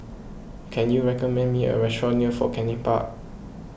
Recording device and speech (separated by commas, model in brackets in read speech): boundary microphone (BM630), read sentence